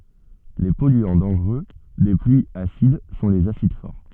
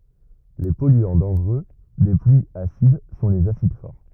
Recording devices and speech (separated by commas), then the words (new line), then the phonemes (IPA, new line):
soft in-ear microphone, rigid in-ear microphone, read sentence
Les polluants dangereux des pluies acides sont les acides forts.
le pɔlyɑ̃ dɑ̃ʒʁø de plyiz asid sɔ̃ lez asid fɔʁ